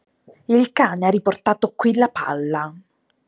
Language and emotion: Italian, angry